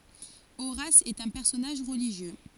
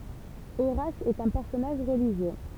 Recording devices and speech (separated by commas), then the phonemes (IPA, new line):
forehead accelerometer, temple vibration pickup, read sentence
oʁas ɛt œ̃ pɛʁsɔnaʒ ʁəliʒjø